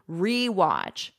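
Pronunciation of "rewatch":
In 'rewatch', the 're' is said with a full e sound, not a schwa.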